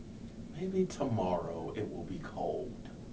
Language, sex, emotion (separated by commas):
English, male, neutral